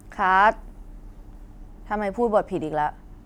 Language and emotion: Thai, frustrated